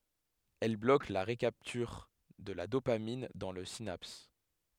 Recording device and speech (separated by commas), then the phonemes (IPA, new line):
headset microphone, read sentence
ɛl blok la ʁəkaptyʁ də la dopamin dɑ̃ la sinaps